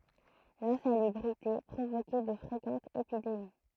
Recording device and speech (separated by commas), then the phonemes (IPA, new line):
throat microphone, read sentence
lɛ̃salybʁite pʁovokɛ də fʁekɑ̃tz epidemi